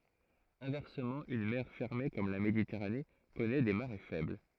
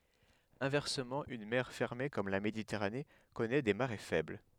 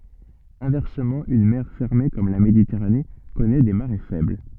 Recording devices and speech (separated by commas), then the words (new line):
throat microphone, headset microphone, soft in-ear microphone, read sentence
Inversement, une mer fermée comme la Méditerranée connaît des marées faibles.